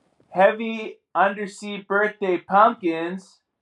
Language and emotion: English, happy